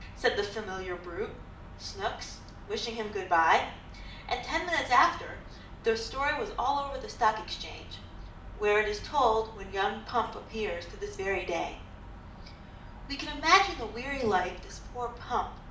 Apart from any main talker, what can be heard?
Nothing.